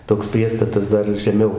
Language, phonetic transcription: Lithuanian, toks ˈpriestatas ˈdar žeˈmiau

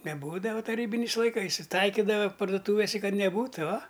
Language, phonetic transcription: Lithuanian, neˈbūdava taˈrybiniais laiˈkais i ˈtaikidava parduˈtūvise ˈkad neˈbūtu ua

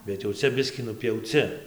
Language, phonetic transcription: Lithuanian, bet jau ˈcia ˈbiskį nupjauˈci

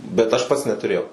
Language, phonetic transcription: Lithuanian, bet ˈaš ˈpats netuˈrėjau

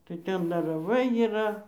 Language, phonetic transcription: Lithuanian, tai ˈten dar raˈvai yˈra

